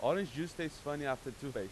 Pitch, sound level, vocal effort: 145 Hz, 93 dB SPL, very loud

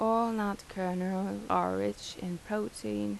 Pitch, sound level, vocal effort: 180 Hz, 82 dB SPL, soft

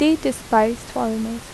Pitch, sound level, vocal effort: 230 Hz, 80 dB SPL, soft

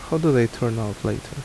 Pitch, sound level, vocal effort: 120 Hz, 75 dB SPL, soft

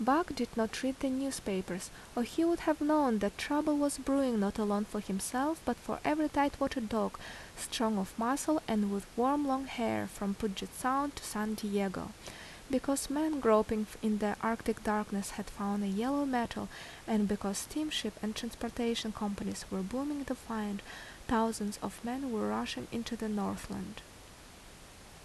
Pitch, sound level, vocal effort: 230 Hz, 76 dB SPL, normal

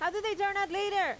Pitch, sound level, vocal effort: 395 Hz, 96 dB SPL, very loud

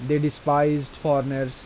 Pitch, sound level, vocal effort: 145 Hz, 85 dB SPL, normal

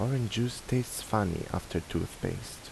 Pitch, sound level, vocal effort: 125 Hz, 77 dB SPL, soft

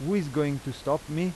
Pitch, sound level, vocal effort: 150 Hz, 88 dB SPL, loud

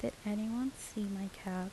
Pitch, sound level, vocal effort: 210 Hz, 77 dB SPL, soft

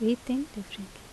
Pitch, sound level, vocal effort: 225 Hz, 75 dB SPL, normal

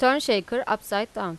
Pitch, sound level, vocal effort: 215 Hz, 90 dB SPL, loud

